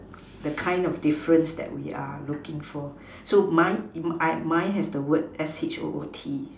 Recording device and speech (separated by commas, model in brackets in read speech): standing microphone, conversation in separate rooms